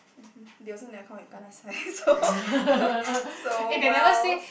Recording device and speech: boundary microphone, conversation in the same room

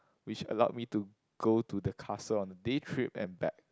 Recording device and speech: close-talking microphone, conversation in the same room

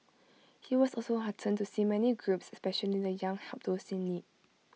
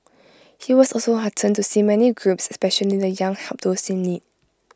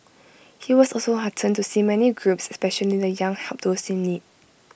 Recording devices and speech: mobile phone (iPhone 6), close-talking microphone (WH20), boundary microphone (BM630), read sentence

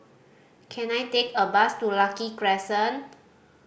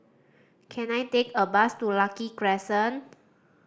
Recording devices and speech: boundary microphone (BM630), standing microphone (AKG C214), read sentence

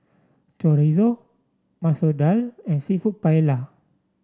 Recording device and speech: standing microphone (AKG C214), read sentence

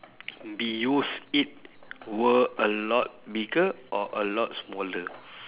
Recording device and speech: telephone, conversation in separate rooms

